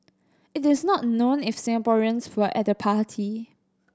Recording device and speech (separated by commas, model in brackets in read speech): standing microphone (AKG C214), read sentence